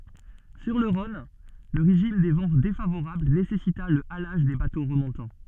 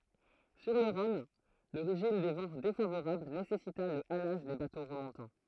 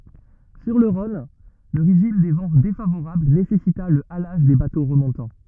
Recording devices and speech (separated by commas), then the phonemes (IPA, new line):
soft in-ear microphone, throat microphone, rigid in-ear microphone, read sentence
syʁ lə ʁɔ̃n lə ʁeʒim de vɑ̃ defavoʁabl nesɛsita lə alaʒ de bato ʁəmɔ̃tɑ̃